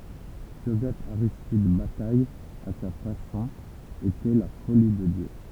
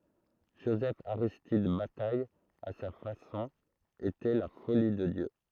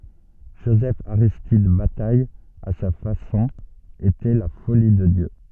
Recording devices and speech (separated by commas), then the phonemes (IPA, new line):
temple vibration pickup, throat microphone, soft in-ear microphone, read sentence
ʒozɛfaʁistid bataj a sa fasɔ̃ etɛ la foli də djø